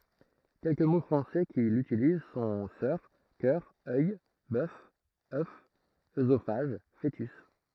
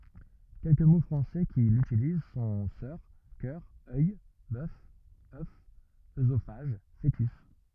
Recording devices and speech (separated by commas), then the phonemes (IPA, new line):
throat microphone, rigid in-ear microphone, read sentence
kɛlkə mo fʁɑ̃sɛ ki lytiliz sɔ̃ sœʁ kœʁ œj bœf œf øzofaʒ foətys